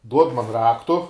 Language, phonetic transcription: Lithuanian, ˈduod man ˈraktu

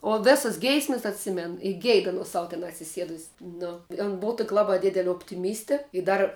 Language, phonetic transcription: Lithuanian, o ˈvėsas ˈgeismes atˈsimen i ˈgeid aˈnos ˈsau ten atsiˈsiedus's' nu on ˈbov tok' ˈlaba ˈdidele optiˈmyste i ˈdar

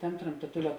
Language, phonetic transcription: Lithuanian, ˈtam' tramtaˈtulia

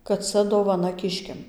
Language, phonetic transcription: Lithuanian, kad ˈca dovaˈna ˈkiškiam

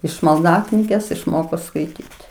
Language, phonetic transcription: Lithuanian, iš malˈdaknygės išˈmoko skaiˈtyti

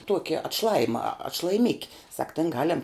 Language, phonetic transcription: Lithuanian, ˈtuoki atˈšlajima atšlajiˈmiki sak ten ˈgalem

